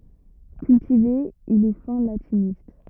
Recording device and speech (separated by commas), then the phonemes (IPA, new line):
rigid in-ear microphone, read sentence
kyltive il ɛ fɛ̃ latinist